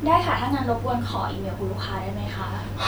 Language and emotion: Thai, neutral